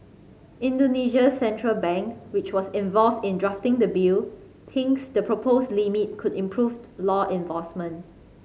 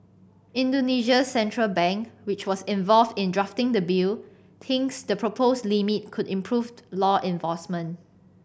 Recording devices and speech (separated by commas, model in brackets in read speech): mobile phone (Samsung C5010), boundary microphone (BM630), read sentence